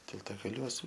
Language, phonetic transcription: Lithuanian, tiltagaˈliuos

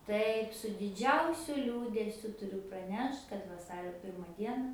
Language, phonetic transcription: Lithuanian, ˈtaip su diˈdžiausiu ˈliūdesiu tuˈriu praˈnešt kad vaˈsario ˈpirma ˈdiena

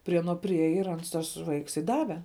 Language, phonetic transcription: Lithuanian, prie aˈno priˈėja ir ˈans tas ˈvaiks i ˈdave

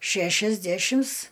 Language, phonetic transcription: Lithuanian, ˈšæšiasdæšims

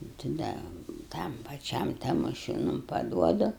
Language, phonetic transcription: Lithuanian, ta ˈda ˈtam paˈčiam tamoˈšiūnum paˈduodu

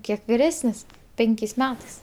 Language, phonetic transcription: Lithuanian, ˈkiek viˈresnis ˈpenkės' ˈmetais

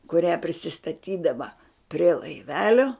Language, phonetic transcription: Lithuanian, kuˈrią prisistaˈtydava prie laiˈvelio

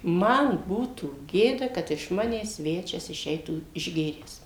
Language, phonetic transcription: Lithuanian, ˈman ˈbūtų ˈgėda ˈkad iš ˈmanęs ˈsvečias iˈšeitų išˈgėręs

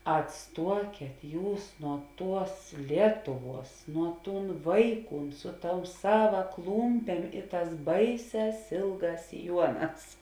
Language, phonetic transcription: Lithuanian, atˈstuokėt ˈjūs nuo ˈtuos ˈlietuˌvuos nuo ˈtūn ˈvaiˌkūn ˈsu ˌtou ˈsava ˈklūmpėm i ˈtās ˈbaiˌsēs ˈėlˌgās siˈjuoˌnās

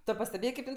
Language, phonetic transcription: Lithuanian, tu pasteˈbėjė kaip ˈin

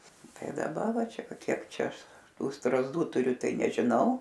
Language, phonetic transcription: Lithuanian, ˈtai daˈba ˈva ˈčia ˈva ˈkiek ˈčia ˈaš ˈtų strazˈdų tuˈriu ˈtai nežiˈnau

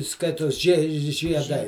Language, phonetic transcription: Lithuanian, ˈskaitos žie žieˈdai

